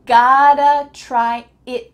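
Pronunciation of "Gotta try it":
In 'gotta', the t sounds like a d, so it sounds like 'gada'. The t at the end of 'it' is cut short, with no air coming out.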